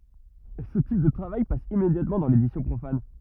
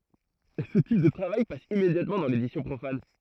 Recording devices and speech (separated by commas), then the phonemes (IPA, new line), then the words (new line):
rigid in-ear microphone, throat microphone, read sentence
sə tip də tʁavaj pas immedjatmɑ̃ dɑ̃ ledisjɔ̃ pʁofan
Ce type de travail passe immédiatement dans l'édition profane.